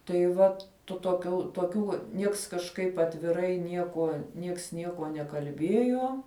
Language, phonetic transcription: Lithuanian, tai ˈvat tu toˈkių toˈkių ˈnieks kažˈkaip atviˈrai ˈniekuo nieks ˈniekuo nekalˈbiejo

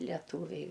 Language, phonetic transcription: Lithuanian, leˈtūviai

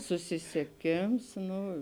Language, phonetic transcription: Lithuanian, susisieˈkėms ˈnu

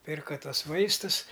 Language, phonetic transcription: Lithuanian, ˈpirka ˈtuos ˈvaistus

